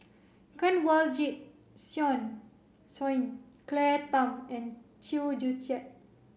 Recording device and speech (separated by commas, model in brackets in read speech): boundary microphone (BM630), read sentence